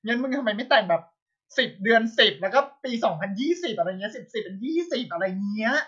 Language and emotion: Thai, happy